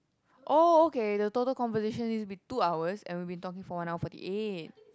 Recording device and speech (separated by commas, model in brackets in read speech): close-talking microphone, conversation in the same room